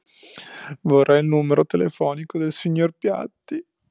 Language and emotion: Italian, sad